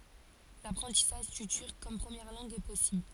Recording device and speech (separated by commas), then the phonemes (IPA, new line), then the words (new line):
forehead accelerometer, read sentence
lapʁɑ̃tisaʒ dy tyʁk kɔm pʁəmjɛʁ lɑ̃ɡ ɛ pɔsibl
L'apprentissage du turc comme première langue est possible.